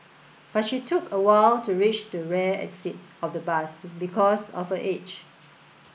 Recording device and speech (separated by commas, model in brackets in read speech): boundary microphone (BM630), read sentence